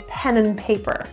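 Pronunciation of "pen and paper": In 'pen and paper', 'and' is reduced to just an n sound.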